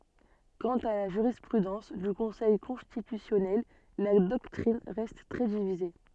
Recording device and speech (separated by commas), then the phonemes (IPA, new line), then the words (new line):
soft in-ear microphone, read sentence
kɑ̃t a la ʒyʁispʁydɑ̃s dy kɔ̃sɛj kɔ̃stitysjɔnɛl la dɔktʁin ʁɛst tʁɛ divize
Quant à la jurisprudence du Conseil constitutionnel, la doctrine reste très divisée.